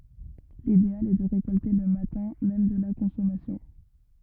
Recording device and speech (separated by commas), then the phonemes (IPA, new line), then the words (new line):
rigid in-ear microphone, read sentence
lideal ɛ də ʁekɔlte lə matɛ̃ mɛm də la kɔ̃sɔmasjɔ̃
L'idéal est de récolter le matin même de la consommation.